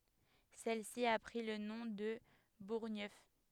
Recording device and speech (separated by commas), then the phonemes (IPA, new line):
headset microphone, read sentence
sɛl si a pʁi lə nɔ̃ də buʁɲœf